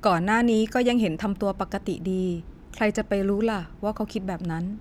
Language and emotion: Thai, neutral